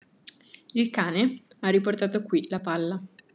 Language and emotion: Italian, neutral